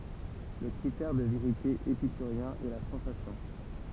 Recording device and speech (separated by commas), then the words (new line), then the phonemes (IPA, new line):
temple vibration pickup, read sentence
Le critère de vérité épicurien est la sensation.
lə kʁitɛʁ də veʁite epikyʁjɛ̃ ɛ la sɑ̃sasjɔ̃